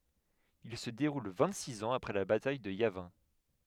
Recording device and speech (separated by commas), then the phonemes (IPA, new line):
headset microphone, read sentence
il sə deʁul vɛ̃t siz ɑ̃z apʁɛ la bataj də javɛ̃